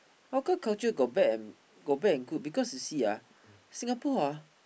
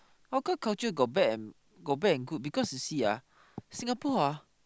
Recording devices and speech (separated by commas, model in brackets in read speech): boundary microphone, close-talking microphone, conversation in the same room